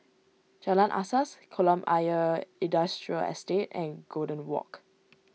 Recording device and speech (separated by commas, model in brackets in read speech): mobile phone (iPhone 6), read sentence